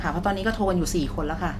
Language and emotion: Thai, neutral